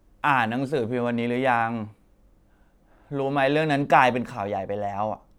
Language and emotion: Thai, frustrated